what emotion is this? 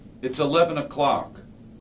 angry